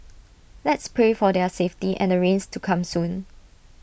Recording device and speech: boundary microphone (BM630), read sentence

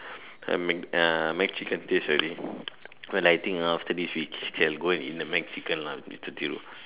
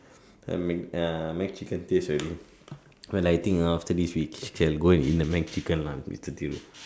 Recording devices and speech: telephone, standing microphone, conversation in separate rooms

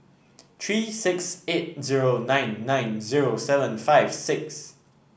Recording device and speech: boundary microphone (BM630), read sentence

